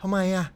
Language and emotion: Thai, neutral